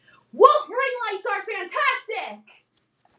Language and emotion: English, happy